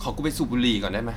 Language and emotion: Thai, frustrated